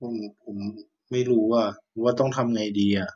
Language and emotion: Thai, frustrated